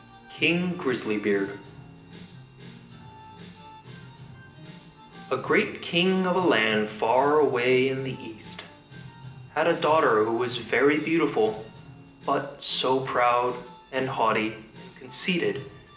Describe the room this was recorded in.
A large room.